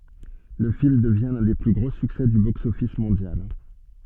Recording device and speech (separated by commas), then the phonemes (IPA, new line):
soft in-ear microphone, read sentence
lə film dəvjɛ̃ lœ̃ de ply ɡʁo syksɛ dy boksɔfis mɔ̃djal